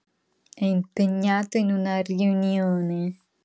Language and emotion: Italian, disgusted